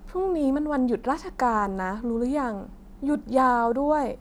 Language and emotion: Thai, frustrated